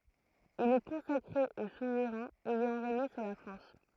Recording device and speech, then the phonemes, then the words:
throat microphone, read sentence
il ɛ kɔ̃sakʁe o suvʁɛ̃z ɛjɑ̃ ʁeɲe syʁ la fʁɑ̃s
Il est consacré aux souverains ayant régné sur la France.

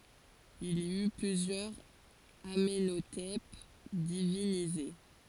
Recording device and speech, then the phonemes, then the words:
forehead accelerometer, read sentence
il i y plyzjœʁz amɑ̃notɛp divinize
Il y eut plusieurs Amenhotep divinisés.

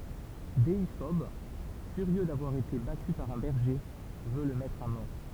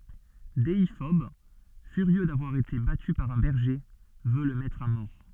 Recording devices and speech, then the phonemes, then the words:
temple vibration pickup, soft in-ear microphone, read sentence
deifɔb fyʁjø davwaʁ ete baty paʁ œ̃ bɛʁʒe vø lə mɛtʁ a mɔʁ
Déiphobe, furieux d'avoir été battu par un berger, veut le mettre à mort.

